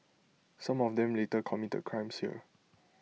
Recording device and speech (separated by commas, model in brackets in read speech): mobile phone (iPhone 6), read sentence